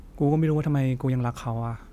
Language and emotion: Thai, frustrated